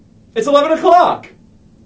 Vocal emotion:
happy